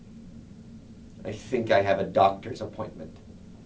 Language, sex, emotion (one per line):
English
male
neutral